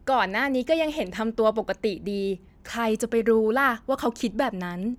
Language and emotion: Thai, happy